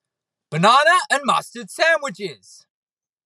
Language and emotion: English, angry